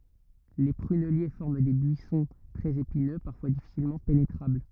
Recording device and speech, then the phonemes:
rigid in-ear microphone, read sentence
le pʁynɛlje fɔʁm de byisɔ̃ tʁɛz epinø paʁfwa difisilmɑ̃ penetʁabl

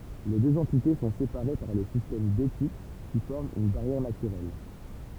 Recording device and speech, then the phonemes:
temple vibration pickup, read sentence
le døz ɑ̃tite sɔ̃ sepaʁe paʁ lə sistɛm betik ki fɔʁm yn baʁjɛʁ natyʁɛl

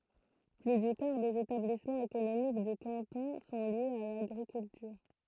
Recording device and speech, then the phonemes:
throat microphone, read sentence
ply dy kaʁ dez etablismɑ̃z ekonomik dy kɑ̃tɔ̃ sɔ̃ ljez a laɡʁikyltyʁ

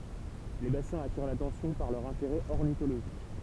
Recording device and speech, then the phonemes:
temple vibration pickup, read sentence
le basɛ̃z atiʁ latɑ̃sjɔ̃ paʁ lœʁ ɛ̃teʁɛ ɔʁnitoloʒik

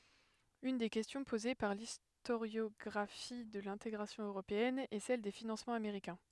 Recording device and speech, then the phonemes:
headset microphone, read sentence
yn de kɛstjɔ̃ poze paʁ listoʁjɔɡʁafi də lɛ̃teɡʁasjɔ̃ øʁopeɛn ɛ sɛl de finɑ̃smɑ̃z ameʁikɛ̃

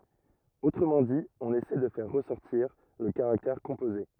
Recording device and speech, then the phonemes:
rigid in-ear microphone, read sentence
otʁəmɑ̃ di ɔ̃n esɛ də fɛʁ ʁəsɔʁtiʁ lə kaʁaktɛʁ kɔ̃poze

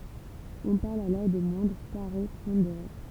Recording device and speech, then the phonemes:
temple vibration pickup, read sentence
ɔ̃ paʁl alɔʁ də mwɛ̃dʁ kaʁe pɔ̃deʁe

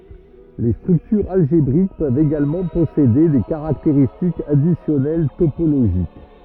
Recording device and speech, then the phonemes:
rigid in-ear microphone, read sentence
le stʁyktyʁz alʒebʁik pøvt eɡalmɑ̃ pɔsede de kaʁakteʁistikz adisjɔnɛl topoloʒik

